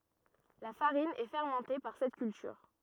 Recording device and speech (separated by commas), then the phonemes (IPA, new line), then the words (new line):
rigid in-ear microphone, read sentence
la faʁin ɛ fɛʁmɑ̃te paʁ sɛt kyltyʁ
La farine est fermentée par cette culture.